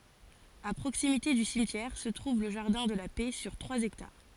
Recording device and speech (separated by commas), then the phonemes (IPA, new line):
forehead accelerometer, read sentence
a pʁoksimite dy simtjɛʁ sə tʁuv lə ʒaʁdɛ̃ də la pɛ syʁ tʁwaz ɛktaʁ